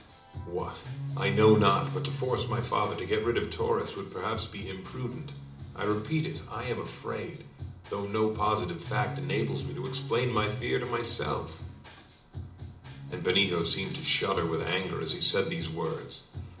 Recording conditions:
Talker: one person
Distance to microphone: 2.0 m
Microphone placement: close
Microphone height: 99 cm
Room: medium-sized (5.7 m by 4.0 m)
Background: music

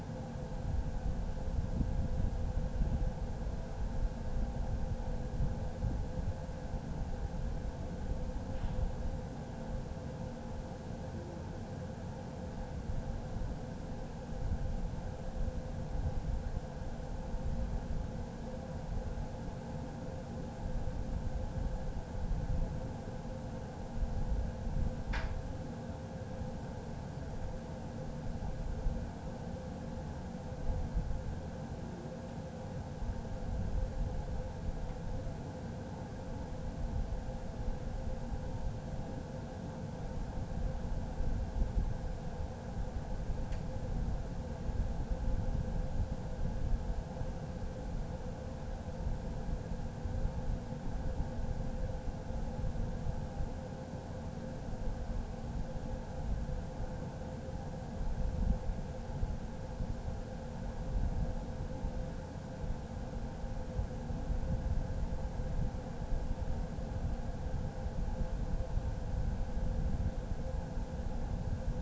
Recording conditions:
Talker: no one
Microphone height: 30 cm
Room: small (3.7 m by 2.7 m)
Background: none

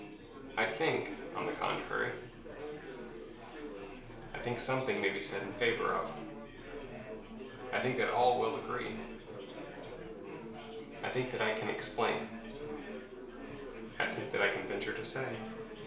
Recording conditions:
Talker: one person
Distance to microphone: 1.0 m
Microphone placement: close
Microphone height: 1.1 m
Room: small (3.7 m by 2.7 m)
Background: babble

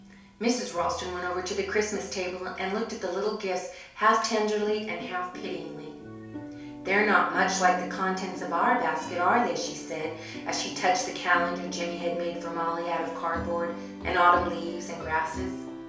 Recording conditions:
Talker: one person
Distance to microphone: 3.0 m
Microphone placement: far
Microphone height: 1.8 m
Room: small (3.7 m by 2.7 m)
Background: music

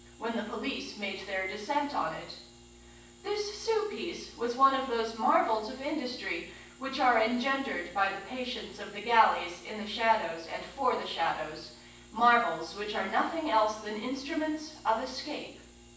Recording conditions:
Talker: one person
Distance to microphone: 9.8 m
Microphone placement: far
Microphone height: 1.8 m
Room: large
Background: none

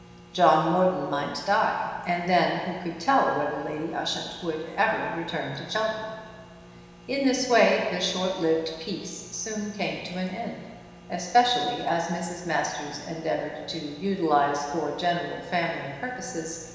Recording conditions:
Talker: one person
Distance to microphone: 1.7 m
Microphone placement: close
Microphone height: 1.0 m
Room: very reverberant, large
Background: none

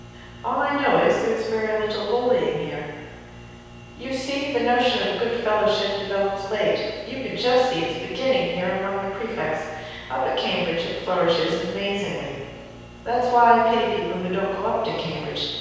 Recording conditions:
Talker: one person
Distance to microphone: 7.1 m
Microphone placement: far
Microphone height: 1.7 m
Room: very reverberant, large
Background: none

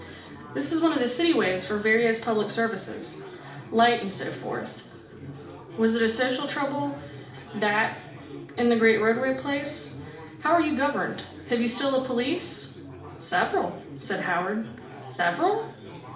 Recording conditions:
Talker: one person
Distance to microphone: 2.0 m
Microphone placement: close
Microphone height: 99 cm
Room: medium-sized (5.7 m by 4.0 m)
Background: babble

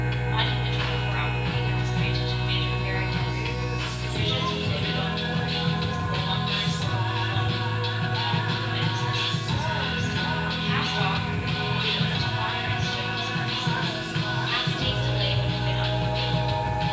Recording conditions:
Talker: one person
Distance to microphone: 9.8 m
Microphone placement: far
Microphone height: 1.8 m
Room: large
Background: music

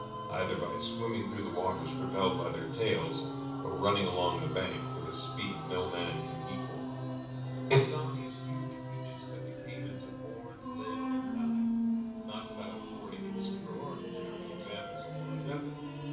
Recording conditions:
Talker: one person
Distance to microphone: 5.8 m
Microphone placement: far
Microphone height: 1.8 m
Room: medium-sized (5.7 m by 4.0 m)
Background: music

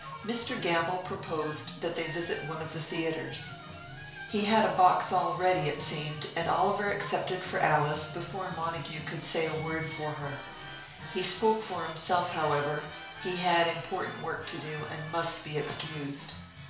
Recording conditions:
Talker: one person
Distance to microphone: 1.0 m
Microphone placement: close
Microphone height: 1.1 m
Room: small (3.7 m by 2.7 m)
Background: music

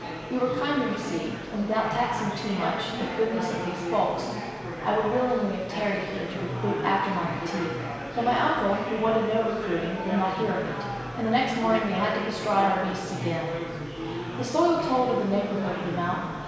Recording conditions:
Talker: one person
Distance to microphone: 1.7 m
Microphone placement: close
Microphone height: 1.0 m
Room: very reverberant, large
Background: babble

